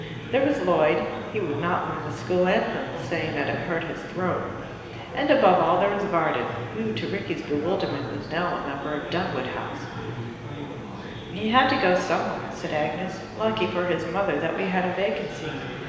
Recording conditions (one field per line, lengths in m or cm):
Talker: one person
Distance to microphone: 1.7 m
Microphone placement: close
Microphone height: 1.0 m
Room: very reverberant, large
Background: babble